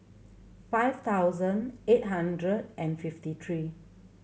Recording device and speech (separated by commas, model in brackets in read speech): mobile phone (Samsung C7100), read sentence